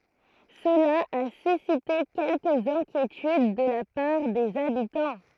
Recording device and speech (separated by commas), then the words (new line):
throat microphone, read sentence
Cela a suscité quelques inquiétudes de la part des habitants.